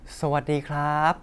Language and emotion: Thai, happy